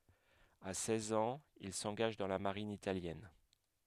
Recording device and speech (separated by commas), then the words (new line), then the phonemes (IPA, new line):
headset microphone, read sentence
À seize ans, il s'engage dans la Marine italienne.
a sɛz ɑ̃z il sɑ̃ɡaʒ dɑ̃ la maʁin italjɛn